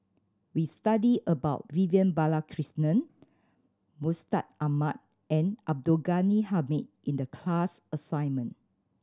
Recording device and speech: standing microphone (AKG C214), read sentence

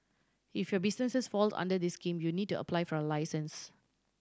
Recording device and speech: standing microphone (AKG C214), read sentence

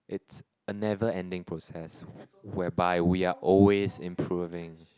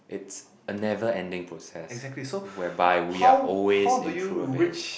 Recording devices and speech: close-talking microphone, boundary microphone, conversation in the same room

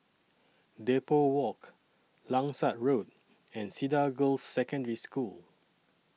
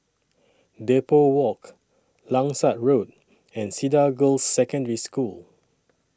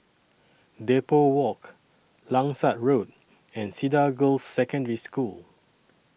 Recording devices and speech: mobile phone (iPhone 6), standing microphone (AKG C214), boundary microphone (BM630), read sentence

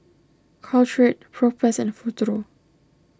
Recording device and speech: standing microphone (AKG C214), read sentence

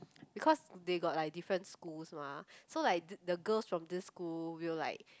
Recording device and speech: close-talking microphone, conversation in the same room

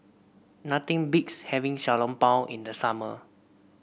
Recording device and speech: boundary microphone (BM630), read sentence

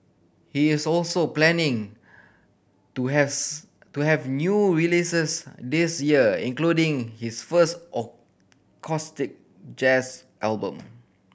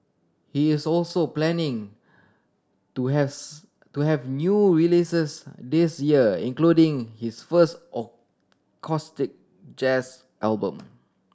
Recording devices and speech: boundary microphone (BM630), standing microphone (AKG C214), read sentence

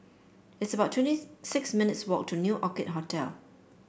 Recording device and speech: boundary microphone (BM630), read sentence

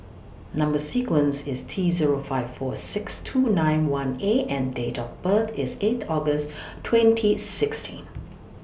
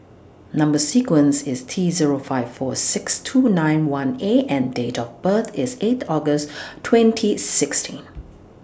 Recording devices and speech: boundary microphone (BM630), standing microphone (AKG C214), read sentence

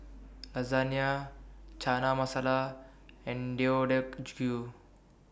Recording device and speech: boundary microphone (BM630), read sentence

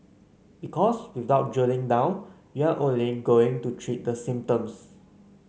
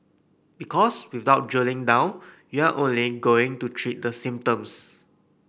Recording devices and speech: mobile phone (Samsung C9), boundary microphone (BM630), read sentence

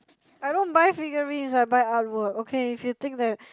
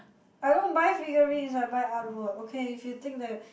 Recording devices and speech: close-talking microphone, boundary microphone, conversation in the same room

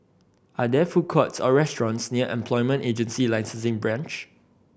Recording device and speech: boundary microphone (BM630), read sentence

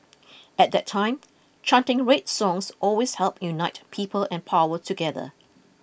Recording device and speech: boundary microphone (BM630), read sentence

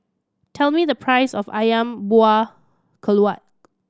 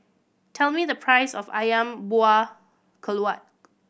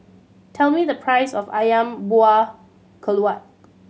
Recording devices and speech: standing microphone (AKG C214), boundary microphone (BM630), mobile phone (Samsung C7100), read sentence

